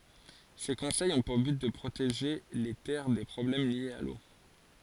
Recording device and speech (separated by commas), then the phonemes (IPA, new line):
forehead accelerometer, read sentence
se kɔ̃sɛjz ɔ̃ puʁ byt də pʁoteʒe le tɛʁ de pʁɔblɛm ljez a lo